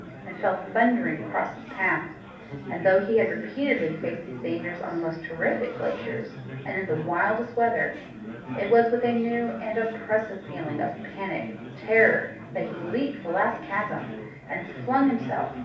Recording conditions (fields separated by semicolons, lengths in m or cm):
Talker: one person; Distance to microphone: 5.8 m; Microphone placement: far; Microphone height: 1.8 m; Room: medium-sized (5.7 m by 4.0 m); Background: babble